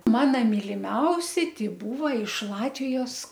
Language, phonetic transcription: Lithuanian, ˈmana miliˈmiausi ti ˈbūva iš ˈlatvijos

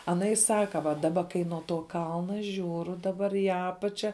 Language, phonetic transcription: Lithuanian, aˈna i ˈsaka va daˈba kai nuo to ˈkalna ˈžiūru daˈbar į ˈapačia

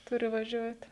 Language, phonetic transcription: Lithuanian, ˈturi vaˈžiuoti

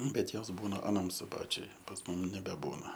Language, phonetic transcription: Lithuanian, ˈbet ˈjos ˈbūna aˈnam suˈbačiuj pas ˈmum nebeˈbūna

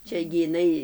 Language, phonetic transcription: Lithuanian, ˈčia gi iˈnai

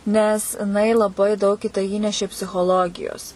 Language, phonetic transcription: Lithuanian, nes iˈnai laˈbai daug į tai ˈįnešė psichoˈlogijos

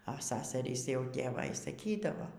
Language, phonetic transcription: Lithuanian, a ˈsasarys jau tėˈva y saˈkydavo

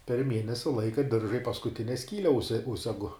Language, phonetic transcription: Lithuanian, per ˈmienesi ˈlaika ˈdirža i paskuˈtine ˈskyle ˈužse ˈužsegu

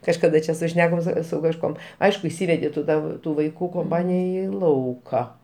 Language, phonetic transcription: Lithuanian, kažkaˈda čia suˈšnekom su su kažˈkuom ˈaišku išˈsyvedi tu ˈtą ˈtų vaiˈkų komˈpanija ˈį ˈlauką

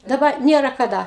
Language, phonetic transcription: Lithuanian, daˈba ˈniera kaˈda

